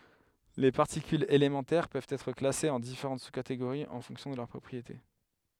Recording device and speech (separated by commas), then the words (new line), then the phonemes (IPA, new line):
headset microphone, read sentence
Les particules élémentaires peuvent être classées en différentes sous-catégories en fonction de leurs propriétés.
le paʁtikylz elemɑ̃tɛʁ pøvt ɛtʁ klasez ɑ̃ difeʁɑ̃t su kateɡoʁiz ɑ̃ fɔ̃ksjɔ̃ də lœʁ pʁɔpʁiete